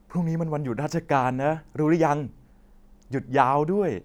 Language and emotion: Thai, happy